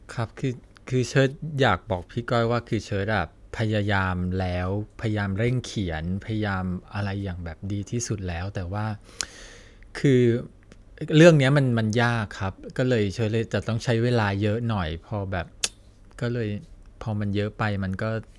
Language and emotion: Thai, frustrated